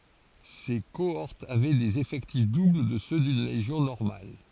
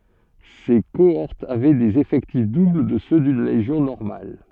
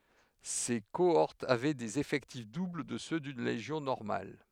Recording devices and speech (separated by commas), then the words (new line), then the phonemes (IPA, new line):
forehead accelerometer, soft in-ear microphone, headset microphone, read sentence
Ses cohortes avaient des effectifs doubles de ceux d'une légion normale.
se koɔʁtz avɛ dez efɛktif dubl də sø dyn leʒjɔ̃ nɔʁmal